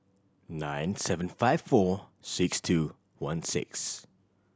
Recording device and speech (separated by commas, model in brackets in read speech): standing microphone (AKG C214), read sentence